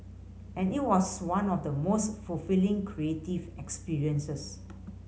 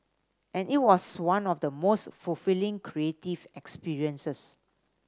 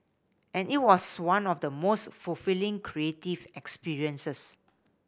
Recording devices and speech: mobile phone (Samsung C5010), standing microphone (AKG C214), boundary microphone (BM630), read sentence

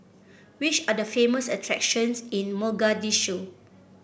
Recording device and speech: boundary microphone (BM630), read sentence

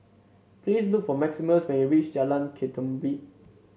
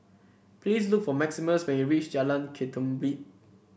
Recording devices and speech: mobile phone (Samsung C7), boundary microphone (BM630), read sentence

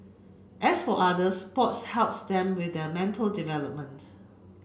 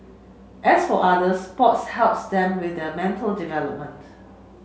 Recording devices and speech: boundary microphone (BM630), mobile phone (Samsung C7), read sentence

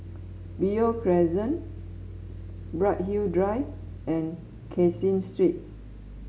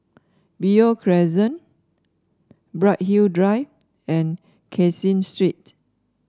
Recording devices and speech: mobile phone (Samsung S8), standing microphone (AKG C214), read sentence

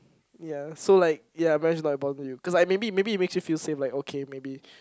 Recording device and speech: close-talking microphone, conversation in the same room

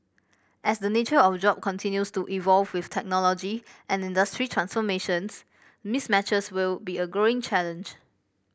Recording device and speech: boundary microphone (BM630), read sentence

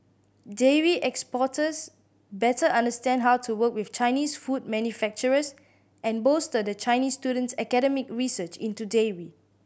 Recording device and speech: boundary microphone (BM630), read sentence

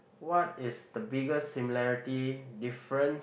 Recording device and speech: boundary microphone, conversation in the same room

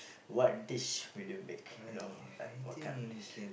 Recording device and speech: boundary microphone, conversation in the same room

